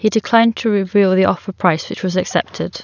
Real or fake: real